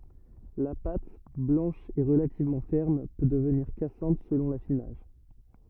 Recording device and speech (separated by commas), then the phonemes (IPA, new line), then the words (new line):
rigid in-ear microphone, read sentence
la pat blɑ̃ʃ e ʁəlativmɑ̃ fɛʁm pø dəvniʁ kasɑ̃t səlɔ̃ lafinaʒ
La pâte, blanche et relativement ferme, peut devenir cassante selon l'affinage.